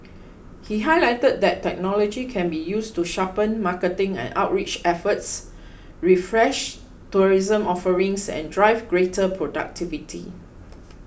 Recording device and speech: boundary microphone (BM630), read sentence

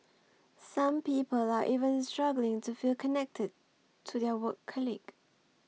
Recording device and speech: mobile phone (iPhone 6), read sentence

